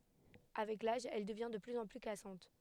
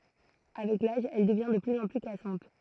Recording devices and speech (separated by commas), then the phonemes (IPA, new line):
headset microphone, throat microphone, read sentence
avɛk laʒ ɛl dəvjɛ̃ də plyz ɑ̃ ply kasɑ̃t